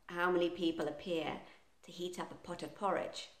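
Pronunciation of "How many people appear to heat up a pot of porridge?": The whole sentence is said quite quickly.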